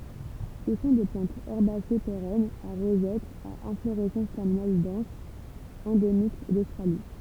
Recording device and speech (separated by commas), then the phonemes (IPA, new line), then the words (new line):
temple vibration pickup, read sentence
sə sɔ̃ de plɑ̃tz ɛʁbase peʁɛnz a ʁozɛt a ɛ̃floʁɛsɑ̃s tɛʁminal dɑ̃s ɑ̃demik dostʁali
Ce sont des plantes herbacées pérennes, à rosette, à inflorescence terminale dense, endémiques d'Australie.